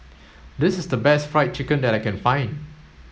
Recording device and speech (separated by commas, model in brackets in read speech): mobile phone (Samsung S8), read sentence